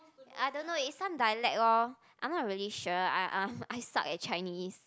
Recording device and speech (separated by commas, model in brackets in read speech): close-talking microphone, conversation in the same room